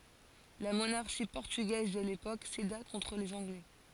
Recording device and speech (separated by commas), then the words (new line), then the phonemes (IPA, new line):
forehead accelerometer, read sentence
La monarchie portugaise de l'époque céda contre les Anglais.
la monaʁʃi pɔʁtyɡɛz də lepok seda kɔ̃tʁ lez ɑ̃ɡlɛ